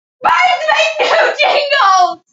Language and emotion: English, sad